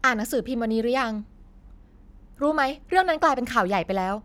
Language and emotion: Thai, angry